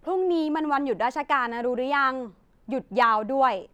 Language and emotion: Thai, neutral